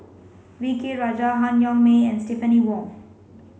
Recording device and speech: mobile phone (Samsung C5), read sentence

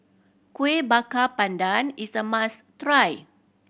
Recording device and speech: boundary microphone (BM630), read sentence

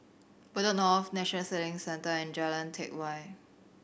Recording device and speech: boundary microphone (BM630), read sentence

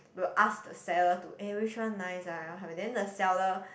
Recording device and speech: boundary microphone, conversation in the same room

